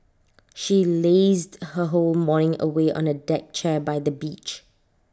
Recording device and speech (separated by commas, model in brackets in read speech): standing microphone (AKG C214), read sentence